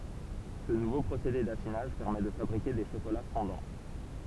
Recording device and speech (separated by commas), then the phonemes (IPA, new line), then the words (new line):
temple vibration pickup, read sentence
sə nuvo pʁosede dafinaʒ pɛʁmɛ də fabʁike de ʃokola fɔ̃dɑ̃
Ce nouveau procédé d'affinage permet de fabriquer des chocolats fondants.